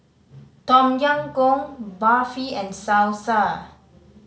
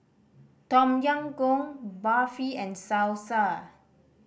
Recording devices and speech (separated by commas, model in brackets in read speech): mobile phone (Samsung C5010), boundary microphone (BM630), read sentence